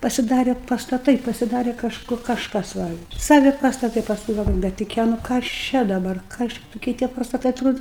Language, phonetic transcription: Lithuanian, pasiˈdare pastaˈtai pasiˈdare kažˈku kažˈkas ˈva ˈsavi pastaˈtai pasˈkui galˈvoju bet tuˈkie nu kas ˈčia dabar ˈkas čia tuˈkie tie pastaˈtai atˈrodu

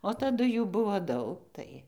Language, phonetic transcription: Lithuanian, o taˈdu ˈjų ˈbuvo ˈdaug ˈtai

